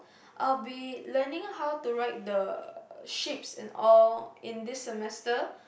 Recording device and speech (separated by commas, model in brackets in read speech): boundary microphone, conversation in the same room